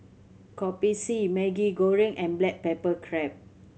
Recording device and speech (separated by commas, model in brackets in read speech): mobile phone (Samsung C7100), read sentence